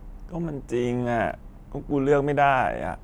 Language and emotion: Thai, frustrated